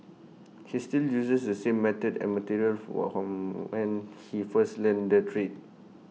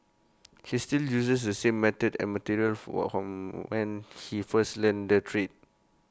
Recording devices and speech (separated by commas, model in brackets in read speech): mobile phone (iPhone 6), close-talking microphone (WH20), read sentence